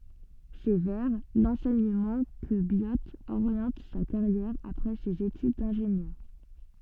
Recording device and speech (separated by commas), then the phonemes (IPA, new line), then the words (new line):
soft in-ear microphone, read sentence
sɛ vɛʁ lɑ̃sɛɲəmɑ̃ kə bjo oʁjɑ̃t sa kaʁjɛʁ apʁɛ sez etyd dɛ̃ʒenjœʁ
C'est vers l'enseignement que Biot oriente sa carrière après ses études d'ingénieur.